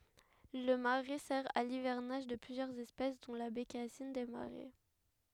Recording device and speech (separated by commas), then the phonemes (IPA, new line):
headset microphone, read sentence
lə maʁɛ sɛʁ a livɛʁnaʒ də plyzjœʁz ɛspɛs dɔ̃ la bekasin de maʁɛ